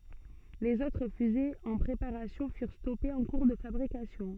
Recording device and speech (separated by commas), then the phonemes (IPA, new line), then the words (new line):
soft in-ear microphone, read sentence
lez otʁ fyzez ɑ̃ pʁepaʁasjɔ̃ fyʁ stɔpez ɑ̃ kuʁ də fabʁikasjɔ̃
Les autres fusées en préparation furent stoppées en cours de fabrication.